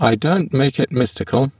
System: VC, spectral filtering